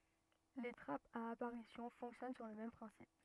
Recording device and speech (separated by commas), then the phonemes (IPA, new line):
rigid in-ear microphone, read sentence
le tʁapz a apaʁisjɔ̃ fɔ̃ksjɔn syʁ lə mɛm pʁɛ̃sip